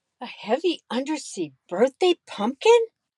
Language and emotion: English, fearful